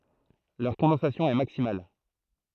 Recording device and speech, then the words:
throat microphone, read sentence
Leur condensation est maximale.

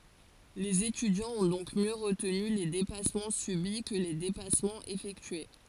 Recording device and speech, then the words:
forehead accelerometer, read sentence
Les étudiants ont donc mieux retenu les dépassements subis que les dépassements effectués.

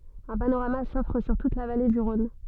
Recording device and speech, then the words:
soft in-ear microphone, read sentence
Un panorama s'offre sur toute la vallée du Rhône.

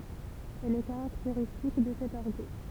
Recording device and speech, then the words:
temple vibration pickup, read sentence
Elle est caractéristique de cet argot.

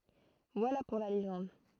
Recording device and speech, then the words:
throat microphone, read sentence
Voilà pour la légende...

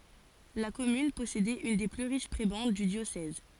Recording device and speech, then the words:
forehead accelerometer, read sentence
La commune possédait une des plus riches prébendes du diocèse.

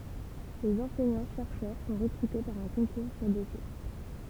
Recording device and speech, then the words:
temple vibration pickup, read sentence
Les enseignants-chercheurs sont recrutés par un concours sur dossier.

